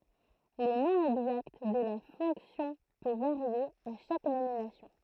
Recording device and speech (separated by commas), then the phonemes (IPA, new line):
throat microphone, read sentence
lə nɔ̃ ɛɡzakt də la fɔ̃ksjɔ̃ pø vaʁje a ʃak nominasjɔ̃